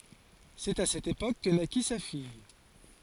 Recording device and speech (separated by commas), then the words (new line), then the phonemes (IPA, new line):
forehead accelerometer, read sentence
C'est à cette époque que naquit sa fille.
sɛt a sɛt epok kə naki sa fij